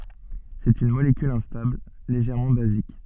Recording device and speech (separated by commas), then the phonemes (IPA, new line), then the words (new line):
soft in-ear microphone, read sentence
sɛt yn molekyl ɛ̃stabl leʒɛʁmɑ̃ bazik
C'est une molécule instable, légèrement basique.